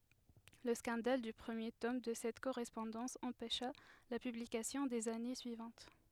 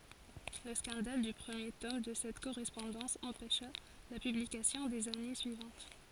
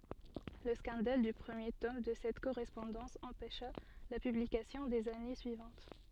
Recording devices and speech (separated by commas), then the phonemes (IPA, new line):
headset microphone, forehead accelerometer, soft in-ear microphone, read sentence
lə skɑ̃dal dy pʁəmje tɔm də sɛt koʁɛspɔ̃dɑ̃s ɑ̃pɛʃa la pyblikasjɔ̃ dez ane syivɑ̃t